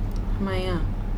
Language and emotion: Thai, frustrated